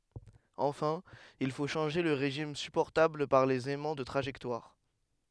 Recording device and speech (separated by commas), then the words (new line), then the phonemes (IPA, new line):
headset microphone, read sentence
Enfin, il faut changer le régime supportable par les aimants de trajectoire.
ɑ̃fɛ̃ il fo ʃɑ̃ʒe lə ʁeʒim sypɔʁtabl paʁ lez ɛmɑ̃ də tʁaʒɛktwaʁ